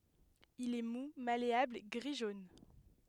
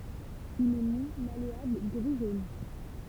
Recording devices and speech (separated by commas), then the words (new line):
headset microphone, temple vibration pickup, read sentence
Il est mou, malléable, gris-jaune.